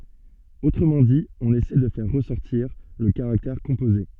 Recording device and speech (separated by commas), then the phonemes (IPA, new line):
soft in-ear microphone, read sentence
otʁəmɑ̃ di ɔ̃n esɛ də fɛʁ ʁəsɔʁtiʁ lə kaʁaktɛʁ kɔ̃poze